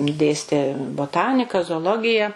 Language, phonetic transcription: Lithuanian, ˈdėstė boˈtanika zooˈlogija

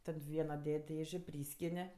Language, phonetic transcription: Lithuanian, ˈtad ˈviena ˈded' ˈdėžė ˈpryskini

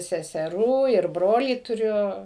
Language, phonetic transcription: Lithuanian, seseˈrų ir ˈbrolį tuˈriu

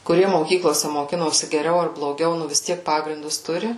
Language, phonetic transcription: Lithuanian, kuˈrie moˈkyklose moˈkinosi geˈriau ar bloˈgiau ˈnu vis ˈtiek ˈpagrindus ˈturi

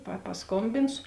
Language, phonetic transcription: Lithuanian, pa pasˈkombinsu

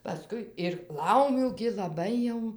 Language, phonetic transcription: Lithuanian, paˈskui ir ˈlaumių gi laˈbai jau

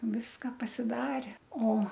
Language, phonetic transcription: Lithuanian, ˈviska pasiˈdare ˈo

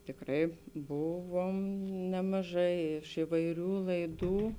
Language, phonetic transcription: Lithuanian, tikˈrai ˈbuˌvom nemaˈžai iš ivaiˈrių laiˈdų

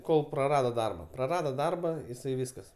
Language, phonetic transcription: Lithuanian, ˈkol praˈrado ˈdarba praˈrado ˈdarba jiˈsai ˈvyskas

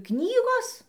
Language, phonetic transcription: Lithuanian, ˈknygos

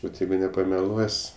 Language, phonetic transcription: Lithuanian, ˈvat ˈjeigu nepameˈluos'

